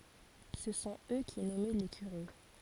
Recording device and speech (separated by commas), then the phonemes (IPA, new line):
forehead accelerometer, read sentence
sə sɔ̃t ø ki nɔmɛ le kyʁe